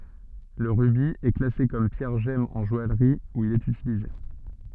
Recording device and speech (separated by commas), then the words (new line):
soft in-ear microphone, read sentence
Le rubis est classé comme pierre gemme en joaillerie, où il est utilisé.